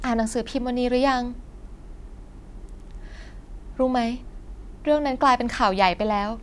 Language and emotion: Thai, sad